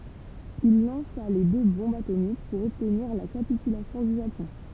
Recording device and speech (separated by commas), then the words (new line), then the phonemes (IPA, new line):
temple vibration pickup, read sentence
Il lança les deux bombes atomiques pour obtenir la capitulation du Japon.
il lɑ̃sa le dø bɔ̃bz atomik puʁ ɔbtniʁ la kapitylasjɔ̃ dy ʒapɔ̃